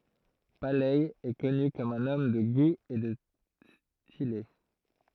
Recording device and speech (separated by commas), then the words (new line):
throat microphone, read sentence
Paley est connu comme un homme de goût et de stylé.